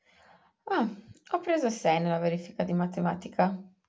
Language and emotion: Italian, surprised